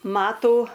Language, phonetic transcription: Lithuanian, ˈmatų

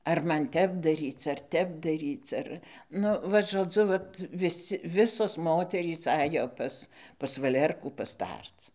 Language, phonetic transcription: Lithuanian, ar ˈman ˈtep daˈryc ar ˈtep daˈryc ˈar ˈnu vat žoˈdzu ˈvat viˈsi ˈvisos ˈmoterys ˈajo ˈpas pas vaˈlerkų paˈstarc

